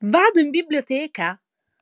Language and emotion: Italian, surprised